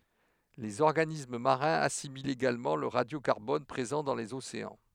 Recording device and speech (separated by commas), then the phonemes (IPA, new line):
headset microphone, read sentence
lez ɔʁɡanism maʁɛ̃z asimilt eɡalmɑ̃ lə ʁadjokaʁbɔn pʁezɑ̃ dɑ̃ lez oseɑ̃